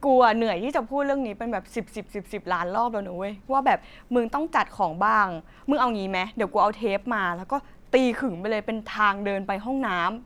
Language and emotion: Thai, frustrated